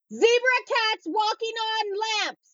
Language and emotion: English, neutral